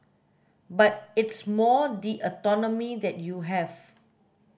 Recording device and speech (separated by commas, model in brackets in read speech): boundary microphone (BM630), read sentence